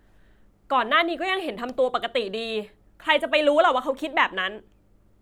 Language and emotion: Thai, frustrated